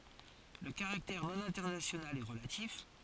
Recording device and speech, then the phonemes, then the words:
forehead accelerometer, read sentence
lə kaʁaktɛʁ nonɛ̃tɛʁnasjonal ɛ ʁəlatif
Le caractère non-international est relatif.

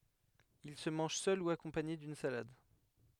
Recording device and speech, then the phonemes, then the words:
headset microphone, read sentence
il sə mɑ̃ʒ sœl u akɔ̃paɲe dyn salad
Il se mange seul ou accompagné d'une salade.

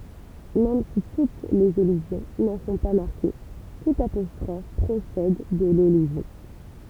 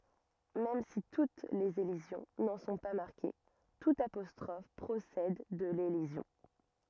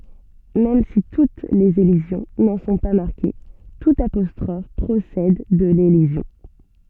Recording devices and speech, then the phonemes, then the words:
temple vibration pickup, rigid in-ear microphone, soft in-ear microphone, read sentence
mɛm si tut lez elizjɔ̃ nɑ̃ sɔ̃ pa maʁke tut apɔstʁɔf pʁosɛd də lelizjɔ̃
Même si toutes les élisions n’en sont pas marquées, toute apostrophe procède de l’élision.

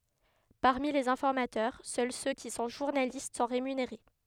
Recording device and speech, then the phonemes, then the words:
headset microphone, read sentence
paʁmi lez ɛ̃fɔʁmatœʁ sœl sø ki sɔ̃ ʒuʁnalist sɔ̃ ʁemyneʁe
Parmi les informateurs, seuls ceux qui sont journalistes sont rémunérés.

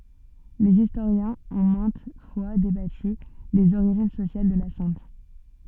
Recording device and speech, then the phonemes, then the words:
soft in-ear microphone, read sentence
lez istoʁjɛ̃z ɔ̃ mɛ̃t fwa debaty dez oʁiʒin sosjal də la sɛ̃t
Les historiens ont maintes fois débattu des origines sociales de la sainte.

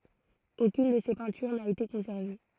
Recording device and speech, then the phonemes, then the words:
throat microphone, read sentence
okyn də se pɛ̃tyʁ na ete kɔ̃sɛʁve
Aucune de ses peintures n'a été conservée.

